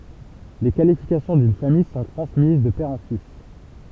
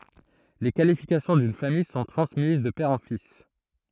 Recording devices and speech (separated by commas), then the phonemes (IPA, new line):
temple vibration pickup, throat microphone, read sentence
le kalifikasjɔ̃ dyn famij sɔ̃ tʁɑ̃smiz də pɛʁ ɑ̃ fis